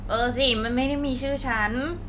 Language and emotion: Thai, frustrated